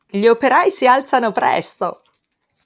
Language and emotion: Italian, happy